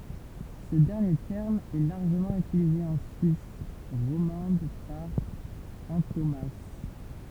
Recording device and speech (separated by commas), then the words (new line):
temple vibration pickup, read sentence
Ce dernier terme est largement utilisé en Suisse romande par antonomase.